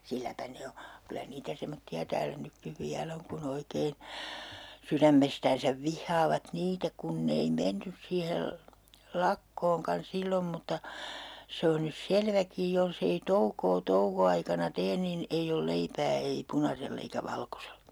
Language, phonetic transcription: Finnish, 'silläpä 'ne o , kylä niitä 'semotti₍a 'täälä nykkiv 'viäl ‿oŋ ku'n ‿oikein̬ , 'syrämmestäänsäv 'vihhaavat "niitä 'kunn ‿ei "mennys siihel , "lakkooŋkan 'sillom mutta , 'se on nys "selväkij jolsei 'toukoo 'touko₍aikana 'teen nin , 'eij ‿ol 'leipää ei "punasell ‿eikä "valkoselA .
- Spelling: silläpä ne on kyllä niitä semmoisia täällä nytkin vielä on kun oikein sydämestään vihaavat niitä kun ei mennyt siihen lakkoonkaan silloin mutta se on nyt selväkin jos ei toukoa toukoaikana tee niin ei ole leipää ei punaisella eikä valkoisella

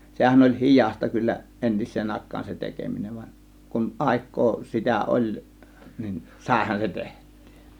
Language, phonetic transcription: Finnish, 'sehän oĺ "hi̬jàsta kyllä , 'entis̆seen 'àėk̆kaan se "tekeminen van͕ , kun "ˀàėk̆koo sitä "oĺ nin , "sàėhan se 'teht̆tYY .
- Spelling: sehän oli hidasta kyllä entiseen aikaan se tekeminen vaan kun aikaa sitä oli niin saihan se tehtyä

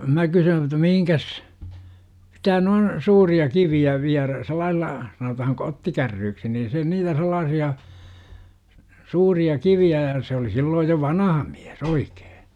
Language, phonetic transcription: Finnish, 'mä kysyyn ᵉt̆tä 'mihiŋkäs » , sitä noin , 'suuri₍a 'kivi₍ä 'viärä- « , 'sel̆lailla , sanotahaŋ "kottikärryyksi nin se niitä 'sel̆laasi₍a , 'suuria 'kivi₍ä ja se oli sillooj jo "vanaha mlÄs "oikEE .
- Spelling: minä kysyn että mihinkäs sitä noin suuria kiviä viedään sillä lailla sanotaan kottikärryksi niin se niitä sellaisia suuria kiviä ja se oli silloin jo vanha mies oikein

